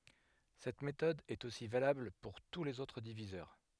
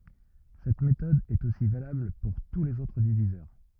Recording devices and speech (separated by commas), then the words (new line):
headset microphone, rigid in-ear microphone, read sentence
Cette méthode est aussi valable pour tous les autres diviseurs.